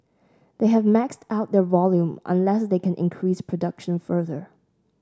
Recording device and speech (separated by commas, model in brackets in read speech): standing microphone (AKG C214), read sentence